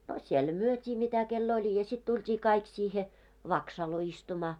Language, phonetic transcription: Finnish, a siel 'myöt́ii 'mitä kel'l ‿oĺ ja sit tult́ii 'kaik siihe , "vaksalo istumaa .
- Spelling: a siellä myytiin mitä kenellä oli ja sitten tultiin kaikki siihen vaksaloon istumaan

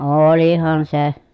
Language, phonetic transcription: Finnish, ooolihan se .
- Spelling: olihan se

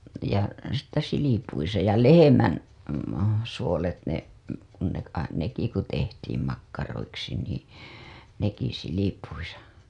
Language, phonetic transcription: Finnish, ja sittä§ silipuisa ja 'lehemän , suolet ne , kun ne kai- , neki ku tehtiim makkaroiksi nii , neki silipuisa .
- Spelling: ja sitten silpuissa ja lehmän suolet ne kun ne - nekin kun tehtiin makkaroiksi niin nekin silpuissa

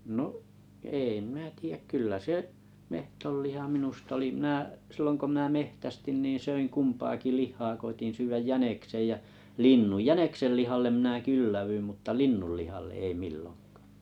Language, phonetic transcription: Finnish, 'no’ , 'eeⁱ minä tiijäk 'kyl̆lä 'se’ , 'mehtolliha 'minustᵃ olì 'sillon ko minä "mehtästin nii 'söiŋ "kumpaaki "lih̆haa 'koitin 'syyväj "jäneksej jä , 'linnu , "jäneksellihallem minä "kyllävyim mutta "linnullihalle "ei 'milloŋkᴀᴀ .
- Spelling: no ei minä tiedä kyllä se metsonliha minusta oli silloin kun minä metsästin niin söin kumpaakin lihaa koetin syödä jäniksen ja linnun jäniksenlihalle minä kylläännyin mutta linnunlihalle ei milloinkaan

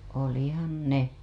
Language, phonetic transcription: Finnish, 'olihan "ne .
- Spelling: olihan ne

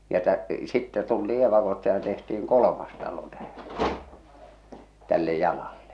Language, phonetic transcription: Finnish, ja tä- , 'sittɛ tultii evakosta ja tehti₍iŋ "kol°mas talo tähᴀ̈ , tälle 'jalallᴇ .
- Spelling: ja - sitten tultiin evakosta ja tehtiin kolmas talo tähän tälle jalalle

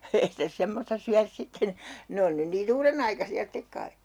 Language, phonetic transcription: Finnish, 'ei sitä 'semmosta syärs 'sitten , 'ne on nyn nii"n ‿uurenaikasi₍a 'stek kai !
- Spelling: ei sitä semmoista syödä sitten ne on nyt niin uudenaikaisia sitten kai

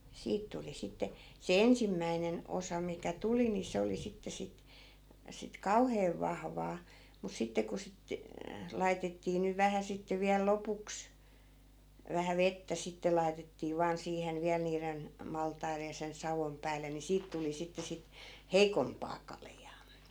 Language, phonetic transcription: Finnish, 'siit tuli 'sitte , se 'ensimmäinen 'osa mikä 'tuli ni 'se oli 'sitte 'sit , sit "kauheev 'vahvaa , mus 'sitte ku sit , 'laitettii nyv 'vähä sitte viäl 'lopuks , 'vähä "vettä sitte 'lai̮tettii vaan 'siihen 'viäl niiren , 'maltairej̆ ja sen 'savom päällen ni 'siit tuli 'sitte sit , "heikompaa 'kaljaa .
- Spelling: siitä tuli sitten se ensimmäinen osa mikä tuli niin se oli sitten sitten sitten kauhean vahvaa mutta sitten kun sitten laitettiin nyt vähän sitten vielä lopuksi vähän vettä sitten laitettiin vain siihen vielä niiden maltaiden ja sen saon päälle niin siitä tuli sitten sitten heikompaa kaljaa

